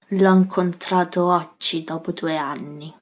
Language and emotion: Italian, angry